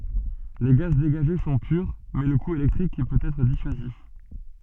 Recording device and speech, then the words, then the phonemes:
soft in-ear microphone, read sentence
Les gaz dégagés sont purs, mais le coût électrique peut être dissuasif..
le ɡaz deɡaʒe sɔ̃ pyʁ mɛ lə ku elɛktʁik pøt ɛtʁ disyazif

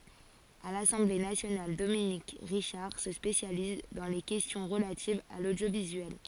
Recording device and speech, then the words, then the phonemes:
forehead accelerometer, read sentence
À l'Assemblée nationale, Dominique Richard se spécialise dans les questions relatives à l'audiovisuel.
a lasɑ̃ble nasjonal dominik ʁiʃaʁ sə spesjaliz dɑ̃ le kɛstjɔ̃ ʁəlativz a lodjovizyɛl

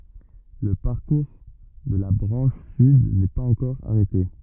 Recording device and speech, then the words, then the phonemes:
rigid in-ear microphone, read sentence
Le parcours de la branche sud n'est pas encore arrêté.
lə paʁkuʁ də la bʁɑ̃ʃ syd nɛ paz ɑ̃kɔʁ aʁɛte

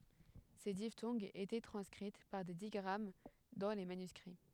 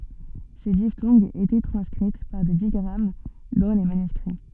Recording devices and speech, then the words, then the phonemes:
headset microphone, soft in-ear microphone, read sentence
Ces diphtongues étaient transcrites par des digrammes dans les manuscrits.
se diftɔ̃ɡz etɛ tʁɑ̃skʁit paʁ de diɡʁam dɑ̃ le manyskʁi

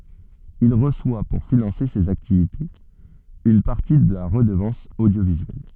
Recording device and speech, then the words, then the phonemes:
soft in-ear microphone, read sentence
Il reçoit pour financer ses activités une partie de la Redevance audiovisuelle.
il ʁəswa puʁ finɑ̃se sez aktivitez yn paʁti də la ʁədəvɑ̃s odjovizyɛl

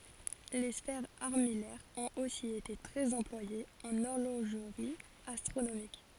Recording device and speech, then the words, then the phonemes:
forehead accelerometer, read sentence
Les sphères armillaires ont aussi été très employées en horlogerie astronomique.
le sfɛʁz aʁmijɛʁz ɔ̃t osi ete tʁɛz ɑ̃plwajez ɑ̃n ɔʁloʒʁi astʁonomik

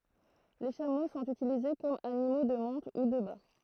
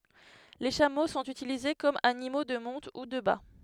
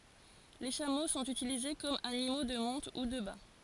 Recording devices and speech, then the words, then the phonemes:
throat microphone, headset microphone, forehead accelerometer, read sentence
Les chameaux sont utilisés comme animaux de monte ou de bât.
le ʃamo sɔ̃t ytilize kɔm animo də mɔ̃t u də ba

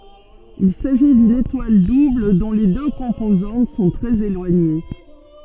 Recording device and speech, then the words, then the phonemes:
soft in-ear microphone, read sentence
Il s'agit d'une étoile double dont les deux composantes sont très éloignées.
il saʒi dyn etwal dubl dɔ̃ le dø kɔ̃pozɑ̃t sɔ̃ tʁɛz elwaɲe

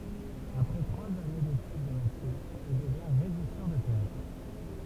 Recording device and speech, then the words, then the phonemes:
temple vibration pickup, read sentence
Après trois années d’études de médecine, il devient régisseur de théâtre.
apʁɛ tʁwaz ane detyd də medəsin il dəvjɛ̃ ʁeʒisœʁ də teatʁ

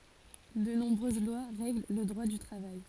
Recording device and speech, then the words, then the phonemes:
forehead accelerometer, read sentence
De nombreuses lois règlent le Droit du travail.
də nɔ̃bʁøz lwa ʁɛɡl lə dʁwa dy tʁavaj

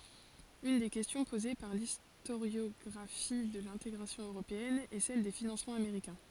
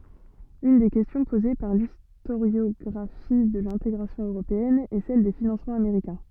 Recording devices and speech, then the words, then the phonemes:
forehead accelerometer, soft in-ear microphone, read sentence
Une des questions posée par l'historiographie de l'intégration européenne est celle des financements américains.
yn de kɛstjɔ̃ poze paʁ listoʁjɔɡʁafi də lɛ̃teɡʁasjɔ̃ øʁopeɛn ɛ sɛl de finɑ̃smɑ̃z ameʁikɛ̃

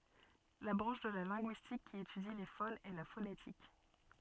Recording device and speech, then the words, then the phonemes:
soft in-ear microphone, read sentence
La branche de la linguistique qui étudie les phones est la phonétique.
la bʁɑ̃ʃ də la lɛ̃ɡyistik ki etydi le fonz ɛ la fonetik

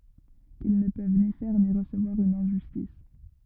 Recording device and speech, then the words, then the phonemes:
rigid in-ear microphone, read sentence
Ils ne peuvent ni faire ni recevoir une injustice.
il nə pøv ni fɛʁ ni ʁəsəvwaʁ yn ɛ̃ʒystis

